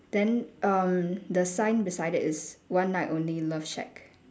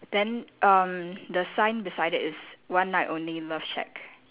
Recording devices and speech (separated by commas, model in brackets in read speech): standing microphone, telephone, conversation in separate rooms